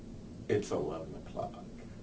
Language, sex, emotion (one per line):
English
male
neutral